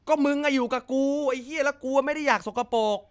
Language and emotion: Thai, angry